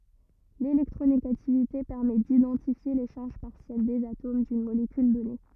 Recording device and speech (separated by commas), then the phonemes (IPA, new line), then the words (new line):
rigid in-ear microphone, read sentence
lelɛktʁoneɡativite pɛʁmɛ didɑ̃tifje le ʃaʁʒ paʁsjɛl dez atom dyn molekyl dɔne
L’électronégativité permet d’identifier les charges partielles des atomes d’une molécule donnée.